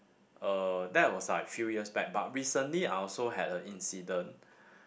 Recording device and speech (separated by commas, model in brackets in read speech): boundary microphone, conversation in the same room